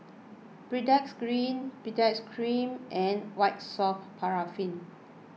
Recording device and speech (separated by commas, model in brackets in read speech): mobile phone (iPhone 6), read sentence